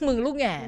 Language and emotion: Thai, frustrated